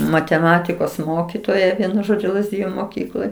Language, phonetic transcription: Lithuanian, mateˈmatikos ˈmokitoja ˈvienu ˈžodžiu lazˈdiju moˈkykloj

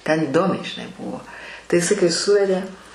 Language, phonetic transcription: Lithuanian, ten iˈdomiai žiˈnai ˈbuvo tai iˈsai kai ˈsuvedė

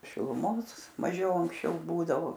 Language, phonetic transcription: Lithuanian, šiluˈmos maˈžiau anksˈčiau ˈbūdavo

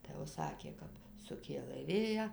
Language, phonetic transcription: Lithuanian, tai jau ˈsakė ˈkap suˈkėlɘ ˈvėją

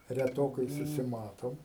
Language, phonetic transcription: Lithuanian, reˈtokai susiˈmatom

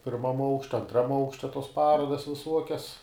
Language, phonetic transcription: Lithuanian, pirˈmam ˈaukšte anˈtram ˈaukšte tos ˈparodas viˈsuokias

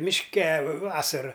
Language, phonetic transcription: Lithuanian, mišˈke ˈvasara

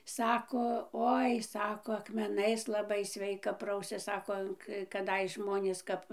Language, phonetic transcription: Lithuanian, ˈsako ˈoi ˈsako akmeˈnais laˈbai ˈsveika ˈprausias ˈsako kaˈdais ˈžmonės ˈkap

